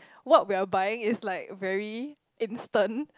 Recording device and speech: close-talking microphone, conversation in the same room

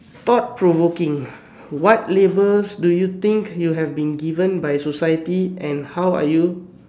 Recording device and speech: standing microphone, conversation in separate rooms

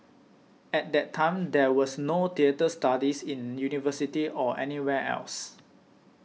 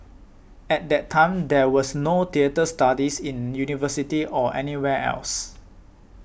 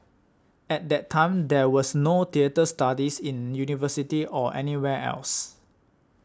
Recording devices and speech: mobile phone (iPhone 6), boundary microphone (BM630), standing microphone (AKG C214), read sentence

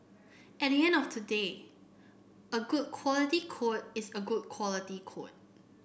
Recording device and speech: boundary microphone (BM630), read sentence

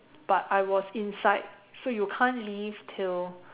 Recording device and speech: telephone, conversation in separate rooms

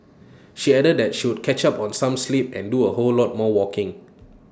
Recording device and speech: standing microphone (AKG C214), read sentence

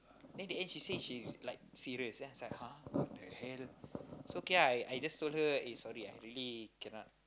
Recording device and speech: close-talking microphone, conversation in the same room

